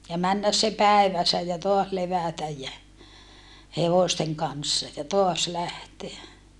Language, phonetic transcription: Finnish, ja männäs se päevässä ja toas levä̀täj jä , hevòsteŋ kanssa ja toas lähteä .
- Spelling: ja mennä se päivässä ja taas levätä ja hevosten kanssa ja taas lähteä

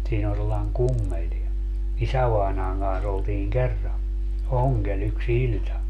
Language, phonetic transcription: Finnish, 'siin ‿on sellai̮ŋ "kummel ni , "isävainaaŋ kans oltiiŋ "kerra , "oŋGel yks "iĺta .
- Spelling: siinä on sellainen kummeli niin isävainajan kanssa oltiin kerran ongella yksi ilta

